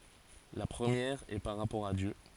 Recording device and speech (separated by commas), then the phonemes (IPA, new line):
forehead accelerometer, read sentence
la pʁəmjɛʁ ɛ paʁ ʁapɔʁ a djø